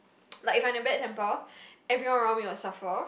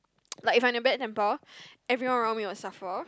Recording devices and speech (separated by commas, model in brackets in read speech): boundary microphone, close-talking microphone, conversation in the same room